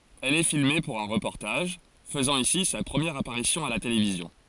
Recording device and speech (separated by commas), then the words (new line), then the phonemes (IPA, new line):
forehead accelerometer, read sentence
Elle est filmée pour un reportage, faisant ici sa première apparition à la télévision.
ɛl ɛ filme puʁ œ̃ ʁəpɔʁtaʒ fəzɑ̃ isi sa pʁəmjɛʁ apaʁisjɔ̃ a la televizjɔ̃